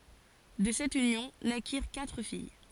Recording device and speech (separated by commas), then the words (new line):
forehead accelerometer, read sentence
De cette union, naquirent quatre filles.